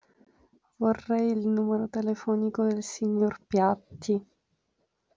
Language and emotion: Italian, sad